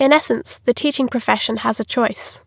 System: none